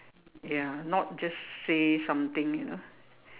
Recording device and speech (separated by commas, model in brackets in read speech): telephone, conversation in separate rooms